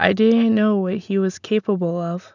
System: none